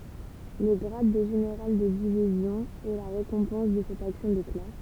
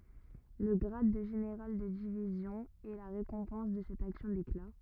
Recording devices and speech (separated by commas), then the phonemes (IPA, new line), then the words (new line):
temple vibration pickup, rigid in-ear microphone, read sentence
lə ɡʁad də ʒeneʁal də divizjɔ̃ ɛ la ʁekɔ̃pɑ̃s də sɛt aksjɔ̃ dekla
Le grade de général de division est la récompense de cette action d'éclat.